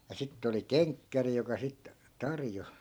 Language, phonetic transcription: Finnish, ja 'sitt ‿oli "keŋkkäri joka 'sit , 'tarjo .
- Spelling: ja sitten oli kenkkäri joka sitten tarjosi

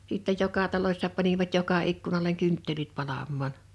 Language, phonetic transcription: Finnish, sìttej 'joka 'talośsa panivat 'joka 'ikkunaleŋ 'kʏnttelit 'palammaan .
- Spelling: sitten joka talossa panivat joka ikkunalle kynttilät palamaan

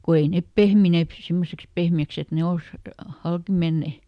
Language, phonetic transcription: Finnish, ko ˈei nep "pehmineep pⁱ- ˈsimmoseks ˈpehmi₍äks ‿et ne "ols , ˈhalki ˈmenne .
- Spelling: kun ei ne pehmineet - semmoiseksi pehmeäksi että ne olisi halki menneet

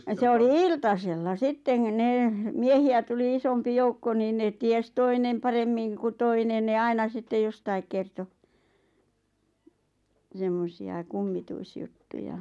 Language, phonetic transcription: Finnish, se oli "iltasella "sitteŋ ᵏ- nee , 'miehi₍ä tuli 'isompi "joukko niin nee 'ties "toinem 'paremmiŋ ku "toinen ne "aina 'sitte "jostaik kerto , semmosi₍a "kummituisjuttuja .
- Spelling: se oli iltasella sitten - ne miehiä tuli isompi joukko niin ne tiesi toinen paremmin kuin toinen ne aina sitten jostakin kertoi semmoisia kummituisjuttuja

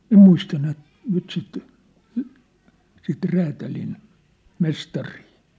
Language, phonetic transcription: Finnish, 'ĕm muista nyt , 'nyt sit , sit 'räätälin , 'mestarii .
- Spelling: en muista nyt nyt sitä sitä räätälin mestaria

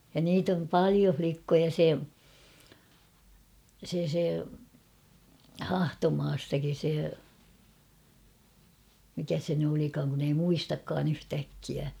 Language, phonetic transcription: Finnish, ja niit ‿om "palio 'flikkoja se , se se , "Hahtomaastakin̬ se , mikä 'se ny olikaaŋ kun ‿ei "muistakkaan ‿'yhtäkkiä .
- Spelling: ja niitä on paljon likkoja se se se Hahtomaastakin se mikä se nyt olikaan kun ei muistakaan yhtäkkiä

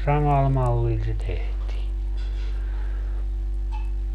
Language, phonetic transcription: Finnish, 'samal 'mallil se 'tehtii .
- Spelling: samalla mallilla se tehtiin

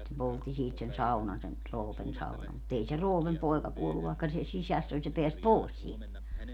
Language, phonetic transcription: Finnish, ja sittem 'poltti siit sen "saunan sen , 'Roopen 'saunam mut 'ei se "Roopem 'poi̮ka 'kuollu vài̮kka se "sisäss ‿oĺ se 'peäs "pòi̮s sielt .
- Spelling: ja sitten poltti siitä sen saunan sen Roopen saunan mutta ei se Roopen poika kuollut vaikka se sisässä oli se pääsi pois sieltä

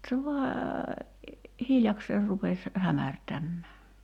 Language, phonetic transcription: Finnish, se vaa , 'hiljakseer rupes , 'hämärtämmää .
- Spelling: se vain hiljakseen rupesi hämärtämään

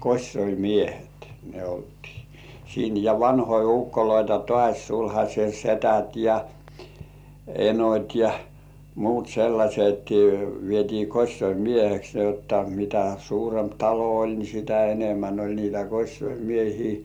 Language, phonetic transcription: Finnish, kośsoimiehet ne 'oltii , siin , ja 'vanhoi "ᴜkkoloita 'tŏàś sulhaśe 'setät ja , "enot́ ja , "muut 'sellaśet vietii 'kośsoi"mieheks ni ‿otta , mitä 'suuremp "talo 'oĺ ni 'sitä enemmän oĺ niitä 'kośsoi"miehii .
- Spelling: kosiomiehet ne oltiin siinä ja vanhoja ukkoja taas sulhasen sedät ja enot ja muut sellaiset vietiin kosiomieheksi niin jotta mitä suurempi talo oli niin sitä enemmän oli niitä kosiomiehiä

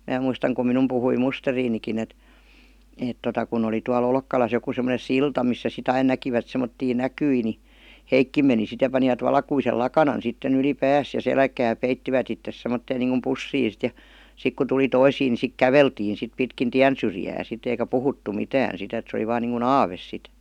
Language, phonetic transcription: Finnish, 'mää muistaŋ kum 'minum puhui "musteriinikin ‿et , 'èt tota kun ‿oli tua'l ‿Olkkalas joku sem°nen̬ "silta missä si't ‿ain 'näkivät semmottii "näkyi ni , "heikkim meni sit ja panivat 'valkuisel "lakanan sitten yli "pääs ja "selkää 'peittivät ittes semmotteen niiŋkum "pussii sit ja , 'sik ku tuli 'toisii ni sik "käveltiin̬ sit pitkin "tiän 'syrjää sit eikä "puhuttu 'mitään sit ‿et se oli 'vaan niiŋku "aaves sit .
- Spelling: minä muistan kun minun puhui musterinikin että että tuota kun oli tuolla Olkkalassa joku semmoinen silta missä sitten aina näkivät semmoisia näkyjä niin hekin meni sitten ja panivat valkoisen lakanan sitten yli päänsä ja selkää peittivät itsensä semmoiseen niin kuin pussiin sitten ja sitten kun tuli toisia niin sitten käveltiin sitten pitkin tien syrjää sitten eikä puhuttu mitään sitten että se oli vain niin kuin aave sitten

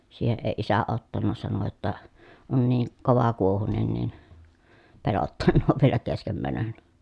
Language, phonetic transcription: Finnish, siiheʼ ʼeⁱ isä ottanna sano jotta » on nii , kovakuohunen nin , pelottannoov vielä keskem mänön » .
- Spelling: siihen ei isä ottanut sanoi jotta on niin kovakuohuinen niin pelottanee vielä kesken menon

